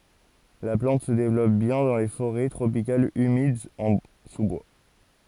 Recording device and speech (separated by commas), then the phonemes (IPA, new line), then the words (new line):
forehead accelerometer, read sentence
la plɑ̃t sə devlɔp bjɛ̃ dɑ̃ le foʁɛ tʁopikalz ymidz ɑ̃ su bwa
La plante se développe bien dans les forêts tropicales humides, en sous-bois.